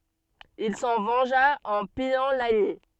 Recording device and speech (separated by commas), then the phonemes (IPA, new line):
soft in-ear microphone, read sentence
il sɑ̃ vɑ̃ʒa ɑ̃ pijɑ̃ laɲi